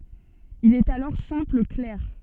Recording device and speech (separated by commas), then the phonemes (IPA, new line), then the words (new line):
soft in-ear microphone, read sentence
il ɛt alɔʁ sɛ̃pl klɛʁ
Il est alors simple clerc.